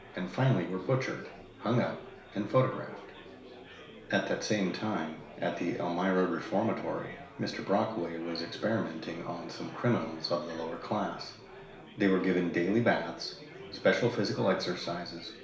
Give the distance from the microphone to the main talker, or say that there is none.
1.0 m.